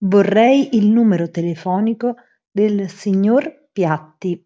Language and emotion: Italian, neutral